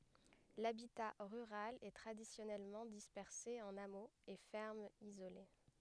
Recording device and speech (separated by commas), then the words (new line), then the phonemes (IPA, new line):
headset microphone, read sentence
L'habitat rural est traditionnellement dispersé en hameaux et fermes isolées.
labita ʁyʁal ɛ tʁadisjɔnɛlmɑ̃ dispɛʁse ɑ̃n amoz e fɛʁmz izole